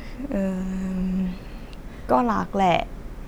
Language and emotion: Thai, frustrated